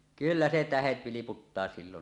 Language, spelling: Finnish, kyllä se tähdet vilputtaa silloin
- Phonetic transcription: kyllä 'se "tähet 'viliputtaa 'sillon .

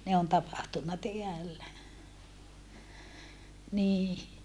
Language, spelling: Finnish, ne on tapahtunut täällä niin
- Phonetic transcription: ne on tapahtunna teällä , nii .

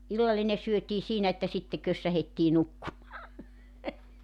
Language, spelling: Finnish, illallinen syötiin siinä että sitten kössähdettiin nukkumaan
- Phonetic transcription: 'illalline syötii 'siinä että sitte 'kössähettii 'nukkumaa .

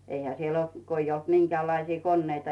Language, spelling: Finnish, eihän siellä ollut kun ei ollut minkäänlaisia koneita
- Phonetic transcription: 'eihä siel ‿olt , ko ‿ij ‿olt 'miŋkeä̀llaisii "konneita .

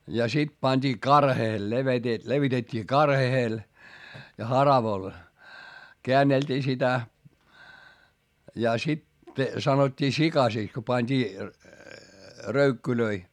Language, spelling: Finnish, ja sitten pantiin karheelle - levitettiin karheelle ja haravalla käänneltiin sitä ja sitten sanottiin sikaseksi kun pantiin röykkyjä
- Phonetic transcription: ja sit pańD'ii karheel - levete- , levitet́t́ii karhehel , ja haravoⁱl , keännelt́ii sitä , ja sit , sanot́t́ii sikasìks ko pańD'ii , röykkylöi .

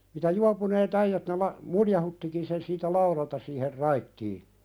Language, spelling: Finnish, mitä juopuneet äijät ne - muljauttikin sen siitä laudalta siihen raittiin
- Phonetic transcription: mitä 'juapunee't ‿äijät ne la- , "muljahuttíkin sen siitä 'lauðalta siiher 'raittii .

